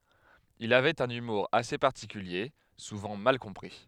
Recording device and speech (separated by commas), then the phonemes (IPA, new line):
headset microphone, read sentence
il avɛt œ̃n ymuʁ ase paʁtikylje suvɑ̃ mal kɔ̃pʁi